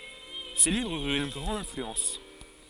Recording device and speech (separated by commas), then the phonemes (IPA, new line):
forehead accelerometer, read sentence
se livʁz yʁt yn ɡʁɑ̃d ɛ̃flyɑ̃s